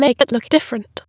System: TTS, waveform concatenation